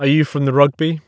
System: none